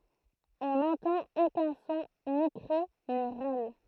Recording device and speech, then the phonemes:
throat microphone, read sentence
ɔ̃ nɑ̃tɑ̃t okœ̃ sɔ̃ ni kʁi ni ʁal

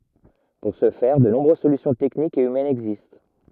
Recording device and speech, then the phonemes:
rigid in-ear microphone, read sentence
puʁ sə fɛʁ də nɔ̃bʁøz solysjɔ̃ tɛknikz e ymɛnz ɛɡzist

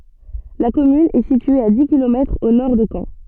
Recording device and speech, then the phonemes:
soft in-ear microphone, read sentence
la kɔmyn ɛ sitye a di kilomɛtʁz o nɔʁ də kɑ̃

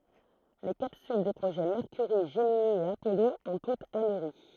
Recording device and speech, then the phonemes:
throat microphone, read sentence
le kapsyl de pʁoʒɛ mɛʁkyʁi ʒəmini e apɔlo ɔ̃ tutz amɛʁi

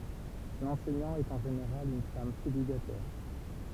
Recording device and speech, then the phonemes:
temple vibration pickup, read sentence
lɑ̃sɛɲɑ̃ ɛt ɑ̃ ʒeneʁal yn fam selibatɛʁ

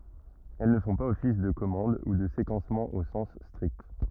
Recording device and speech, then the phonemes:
rigid in-ear microphone, read sentence
ɛl nə fɔ̃ paz ɔfis də kɔmɑ̃d u də sekɑ̃smɑ̃ o sɑ̃s stʁikt

